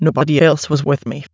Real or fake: fake